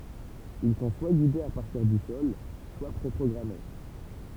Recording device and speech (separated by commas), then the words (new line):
temple vibration pickup, read sentence
Ils sont soit guidés à partir du sol soit pré-programmés.